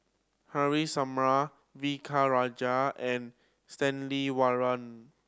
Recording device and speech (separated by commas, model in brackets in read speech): standing microphone (AKG C214), read sentence